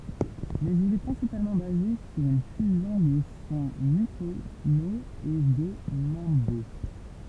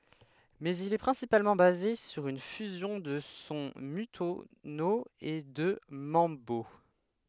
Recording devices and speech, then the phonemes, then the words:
temple vibration pickup, headset microphone, read sentence
mɛz il ɛ pʁɛ̃sipalmɑ̃ baze syʁ yn fyzjɔ̃ də sɔ̃ mɔ̃tyno e də mɑ̃bo
Mais il est principalement basé sur une fusion de son montuno et de mambo.

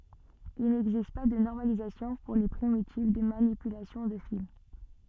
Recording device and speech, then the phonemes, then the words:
soft in-ear microphone, read sentence
il nɛɡzist pa də nɔʁmalizasjɔ̃ puʁ le pʁimitiv də manipylasjɔ̃ də fil
Il n'existe pas de normalisation pour les primitives de manipulation de file.

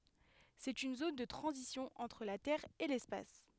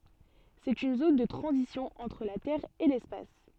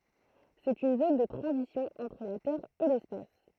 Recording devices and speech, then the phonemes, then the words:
headset microphone, soft in-ear microphone, throat microphone, read sentence
sɛt yn zon də tʁɑ̃zisjɔ̃ ɑ̃tʁ la tɛʁ e lɛspas
C'est une zone de transition entre la Terre et l'Espace.

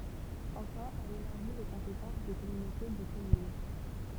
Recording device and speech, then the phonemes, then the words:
temple vibration pickup, read sentence
ɑ̃fɛ̃ ɛl elaʁʒi le kɔ̃petɑ̃s de kɔmynote də kɔmyn
Enfin, elle élargit les compétences des communautés de communes.

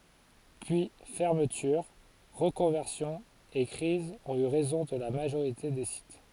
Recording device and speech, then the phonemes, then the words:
forehead accelerometer, read sentence
pyi fɛʁmətyʁ ʁəkɔ̃vɛʁsjɔ̃z e kʁizz ɔ̃t y ʁɛzɔ̃ də la maʒoʁite de sit
Puis fermetures, reconversions et crises ont eu raison de la majorité des sites.

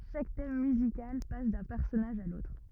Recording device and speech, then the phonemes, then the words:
rigid in-ear microphone, read sentence
ʃak tɛm myzikal pas dœ̃ pɛʁsɔnaʒ a lotʁ
Chaque thème musical passe d'un personnage à l'autre.

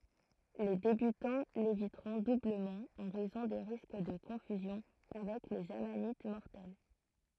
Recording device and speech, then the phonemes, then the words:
throat microphone, read sentence
le debytɑ̃ levitʁɔ̃ dubləmɑ̃ ɑ̃ ʁɛzɔ̃ de ʁisk də kɔ̃fyzjɔ̃ avɛk lez amanit mɔʁtɛl
Les débutants l'éviteront doublement en raison des risques de confusion avec les amanites mortelles.

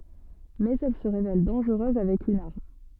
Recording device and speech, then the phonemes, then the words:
soft in-ear microphone, read sentence
mɛz ɛl sə ʁevɛl dɑ̃ʒʁøz avɛk yn aʁm
Mais elle se révèle dangereuse avec une arme.

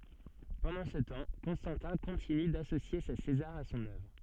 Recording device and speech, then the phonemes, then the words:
soft in-ear microphone, read sentence
pɑ̃dɑ̃ sə tɑ̃ kɔ̃stɑ̃tɛ̃ kɔ̃tiny dasosje se sezaʁz a sɔ̃n œvʁ
Pendant ce temps, Constantin continue d'associer ses Césars à son œuvre.

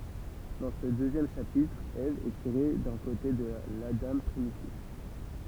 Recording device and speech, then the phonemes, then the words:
temple vibration pickup, read sentence
dɑ̃ sə døzjɛm ʃapitʁ ɛv ɛ tiʁe dœ̃ kote də ladɑ̃ pʁimitif
Dans ce deuxième chapitre, Ève est tirée d'un côté de l'Adam primitif.

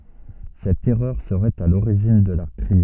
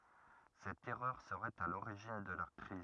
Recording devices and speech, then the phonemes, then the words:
soft in-ear microphone, rigid in-ear microphone, read sentence
sɛt ɛʁœʁ səʁɛt a loʁiʒin də la kʁiz
Cette erreur serait à l'origine de la crise.

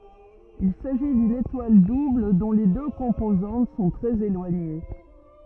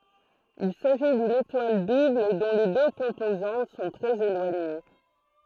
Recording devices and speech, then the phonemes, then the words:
rigid in-ear microphone, throat microphone, read sentence
il saʒi dyn etwal dubl dɔ̃ le dø kɔ̃pozɑ̃t sɔ̃ tʁɛz elwaɲe
Il s'agit d'une étoile double dont les deux composantes sont très éloignées.

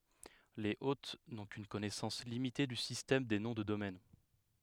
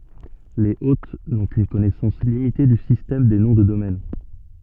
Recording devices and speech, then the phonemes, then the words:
headset microphone, soft in-ear microphone, read sentence
lez ot nɔ̃ kyn kɔnɛsɑ̃s limite dy sistɛm de nɔ̃ də domɛn
Les hôtes n'ont qu'une connaissance limitée du système des noms de domaine.

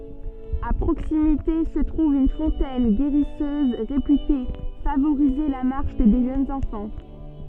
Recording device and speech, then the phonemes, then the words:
soft in-ear microphone, read sentence
a pʁoksimite sə tʁuv yn fɔ̃tɛn ɡeʁisøz ʁepyte favoʁize la maʁʃ de ʒønz ɑ̃fɑ̃
À proximité se trouve une fontaine guérisseuse, réputée favoriser la marche des jeunes enfants.

